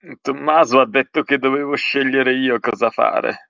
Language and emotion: Italian, sad